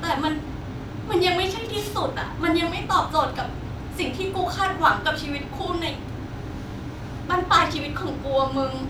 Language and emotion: Thai, sad